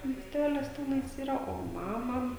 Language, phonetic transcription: Lithuanian, miesˈtelis ˈtenais ˈyra o ˈmama

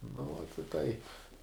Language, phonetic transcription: Lithuanian, nu vot i ˈtaip

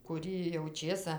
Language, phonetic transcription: Lithuanian, kuˈrį jau ˈčėsa

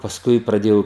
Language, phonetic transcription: Lithuanian, pasˈkui praˈdėjau

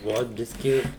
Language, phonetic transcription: Lithuanian, ˈvot ˈbiski

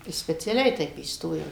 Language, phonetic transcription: Lithuanian, speciaˈliai ˈteip įsˈtojau

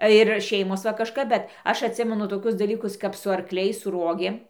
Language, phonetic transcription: Lithuanian, ir ˈšeimos va kažˈkap ˈbet ˈaš atˈsimenu toˈkius daˈlykus kap su arkˈliais su ˈruogėm

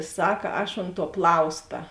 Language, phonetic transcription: Lithuanian, ˈsak ˈaš ont tuo ˈplausta

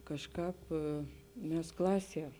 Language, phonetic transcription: Lithuanian, kažˈkāp ˈmes ˈklaˌsie

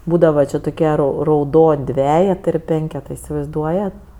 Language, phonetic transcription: Lithuanian, ˈbūdava ˈči toˈkie ˈrau rauˈdon' ˈdvejetɜ ir ˈpenketɜ isivaizˈduojat

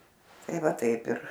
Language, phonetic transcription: Lithuanian, ˈtai ˈva ˈtaip ir

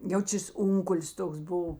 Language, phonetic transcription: Lithuanian, ˈjau ˈčės ˈunkul's' ˈtoks ˈbuv

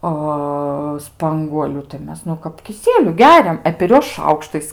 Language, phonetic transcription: Lithuanian, ˈa ˈspanguoliu tai ˈmes nu kap kiˈsieliu ˈgeriam e per ˈjuos ˈšaukštais

